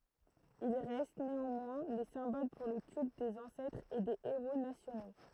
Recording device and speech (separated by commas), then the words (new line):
throat microphone, read sentence
Il reste, néanmoins, les symboles pour le culte des ancêtres et des héros nationaux.